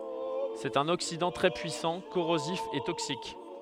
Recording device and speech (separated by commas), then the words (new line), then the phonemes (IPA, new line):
headset microphone, read sentence
C'est un oxydant très puissant, corrosif et toxique.
sɛt œ̃n oksidɑ̃ tʁɛ pyisɑ̃ koʁozif e toksik